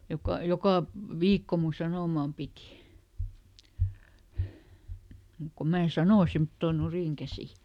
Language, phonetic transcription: Finnish, ˈjoka , "jokà , "viikko mun ˈsanòmàm ˈpìti , mùk ko ˈmää "sanò ˈsemttòn̆ ˈnurìŋkäsi .
- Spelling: joka joka viikko minun sanomani piti mutta kun minä sanoin semmottoon nurinkäsin

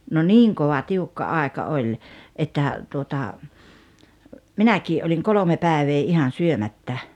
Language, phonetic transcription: Finnish, no "niiŋ kova 'tiukka 'àeka 'oĺ , että , tuota , "minäkii 'oliŋ "kolome 'pä̀evee 'ihan̬ "syomättä .
- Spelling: no niin kova tiukka aika oli että tuota minäkin olin kolme päivää ihan syömättä

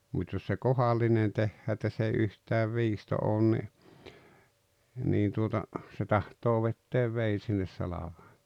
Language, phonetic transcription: Finnish, mut́ jos se "kohallinen 'tehhää että s ‿ei 'yhtääv "viisto ’oon ni , niin tuota , se 'tahtoo vetteev 'vei sinnes 'salaᴠᴀᴇ- .
- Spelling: mutta jos se kohdallinen tehdään että se ei yhtään viisto ole niin niin tuota se tahtoo vetää veden sinne -

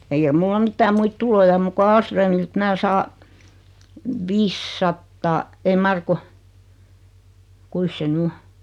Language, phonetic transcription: Finnish, eikä 'mulla 'mittää 'muit "tuloja om muk ku "Aalsröömilt 'mää 'saa , "vissattaa , ei 'mar 'ku , 'kuis se ny 'o ?
- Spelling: eikä minulla mitään muita tuloja ole muuta kuin Ahlströmiltä minä saan viisisataa ei mar kun kuinkas se nyt on

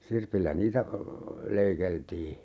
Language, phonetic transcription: Finnish, "sirpillä 'niitä , 'leikeltii .
- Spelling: sirpillä niitä leikeltiin

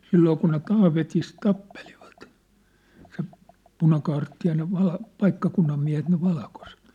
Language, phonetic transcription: Finnish, 'silloo kun ne "Taavetis "tappelivᴀt , se , 'punakaartti ja ne 'val- , "paikkakunnam miä̭het ne 'valkoset .
- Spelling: silloin kun ne Taavetissa tappelivat se punakaarti ja ne - paikkakunnan miehet ne valkoiset

